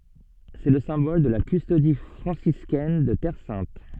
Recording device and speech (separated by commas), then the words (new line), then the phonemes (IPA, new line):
soft in-ear microphone, read sentence
C'est le symbole de la Custodie franciscaine de Terre sainte.
sɛ lə sɛ̃bɔl də la kystodi fʁɑ̃siskɛn də tɛʁ sɛ̃t